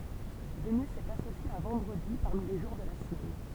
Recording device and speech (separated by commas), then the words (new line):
temple vibration pickup, read sentence
Vénus est associée à vendredi parmi les jours de la semaine.